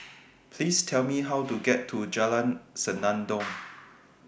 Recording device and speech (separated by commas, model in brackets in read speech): boundary microphone (BM630), read sentence